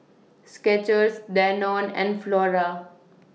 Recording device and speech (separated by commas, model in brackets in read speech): mobile phone (iPhone 6), read sentence